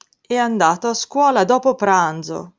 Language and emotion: Italian, sad